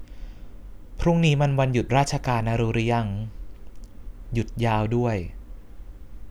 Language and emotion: Thai, neutral